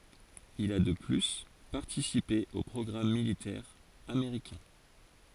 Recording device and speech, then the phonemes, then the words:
forehead accelerometer, read sentence
il a də ply paʁtisipe o pʁɔɡʁam militɛʁz ameʁikɛ̃
Il a de plus participé aux programmes militaires américains.

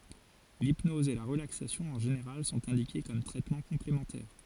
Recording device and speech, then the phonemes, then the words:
forehead accelerometer, read sentence
lipnɔz e la ʁəlaksasjɔ̃ ɑ̃ ʒeneʁal sɔ̃t ɛ̃dike kɔm tʁɛtmɑ̃ kɔ̃plemɑ̃tɛʁ
L'hypnose et la relaxation en général sont indiquées comme traitement complémentaire.

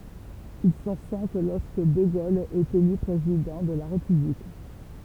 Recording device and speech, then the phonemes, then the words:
temple vibration pickup, read sentence
il sɔ̃ sɛ̃k lɔʁskə də ɡol ɛt ely pʁezidɑ̃ də la ʁepyblik
Ils sont cinq lorsque de Gaulle est élu président de la République.

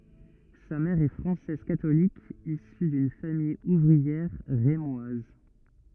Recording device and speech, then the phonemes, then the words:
rigid in-ear microphone, read sentence
sa mɛʁ ɛ fʁɑ̃sɛz katolik isy dyn famij uvʁiɛʁ ʁemwaz
Sa mère est française catholique, issue d'une famille ouvrière rémoise.

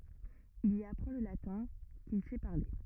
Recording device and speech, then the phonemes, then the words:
rigid in-ear microphone, read sentence
il i apʁɑ̃ lə latɛ̃ kil sɛ paʁle
Il y apprend le latin, qu'il sait parler.

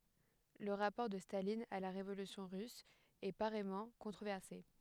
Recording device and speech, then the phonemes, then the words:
headset microphone, read sentence
lə ʁapɔʁ də stalin a la ʁevolysjɔ̃ ʁys ɛ paʁɛjmɑ̃ kɔ̃tʁovɛʁse
Le rapport de Staline à la Révolution russe est pareillement controversé.

